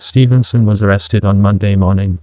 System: TTS, neural waveform model